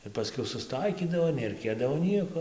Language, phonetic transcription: Lithuanian, ir paˈskiau susˈtaikydavo neraiˈkėdavo ˈnieko

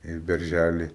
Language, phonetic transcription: Lithuanian, į berˈžæli

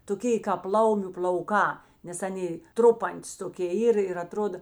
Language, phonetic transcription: Lithuanian, toˈkė kāp ˈlaumiu pl'auˈkā nes ˈanė ˈtrupantis toˈkė ˈyr ir aˈtroda

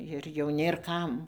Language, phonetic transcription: Lithuanian, ir jau ˈnėr ˈkam

